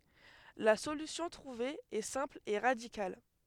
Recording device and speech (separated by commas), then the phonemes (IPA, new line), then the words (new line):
headset microphone, read sentence
la solysjɔ̃ tʁuve ɛ sɛ̃pl e ʁadikal
La solution trouvée est simple et radicale.